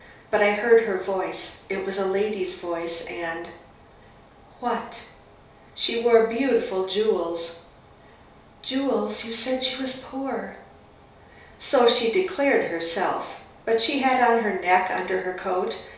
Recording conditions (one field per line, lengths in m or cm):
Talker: one person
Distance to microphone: 3.0 m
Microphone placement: far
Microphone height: 1.8 m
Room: small (3.7 m by 2.7 m)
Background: none